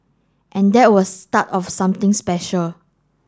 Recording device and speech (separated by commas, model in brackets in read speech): standing microphone (AKG C214), read sentence